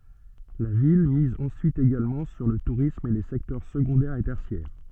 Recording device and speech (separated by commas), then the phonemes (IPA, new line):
soft in-ear microphone, read sentence
la vil miz ɑ̃syit eɡalmɑ̃ syʁ lə tuʁism e le sɛktœʁ səɡɔ̃dɛʁ e tɛʁsjɛʁ